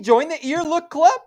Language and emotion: English, surprised